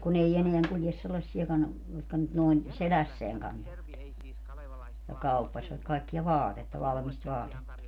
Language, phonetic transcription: Finnish, kun ‿ei 'eneäŋ kuljes 'sellassiakan , jotka nyt noin , "selässeäŋ kantovat , ja 'kauppaśvat kaikkia "vaatetta 'valmist 'vaatetta .
- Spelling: kun ei enää kulje sellaisiakaan jotka nyt noin selässään kantoivat ja kauppasivat kaikkea vaatetta valmista vaatetta

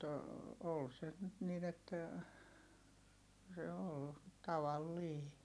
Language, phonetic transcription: Finnish, mut , ool se nyt nin ‿että , se ol , tavallii .
- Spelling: mutta oli se nyt niin että se oli tavallinen

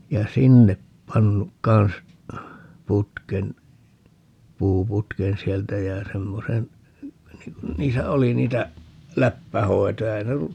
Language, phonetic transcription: Finnish, ja "sinnep 'pannuk 'kan̬s , 'putken , 'puuputken 'sieltä jä 'semmosen , 'niŋ kun 'niisä "oli 'niitä , "läppähoi̮toja - (ei ne ollu) , .
- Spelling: ja sinne pannut kanssa putken puuputken sieltä ja semmoisen niin kun niissä oli niitä läppähoitoja ei ne ollut

